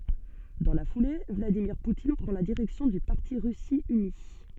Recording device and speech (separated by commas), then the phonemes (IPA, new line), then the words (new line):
soft in-ear microphone, read sentence
dɑ̃ la fule vladimiʁ putin pʁɑ̃ la diʁɛksjɔ̃ dy paʁti ʁysi yni
Dans la foulée, Vladimir Poutine prend la direction du parti Russie unie.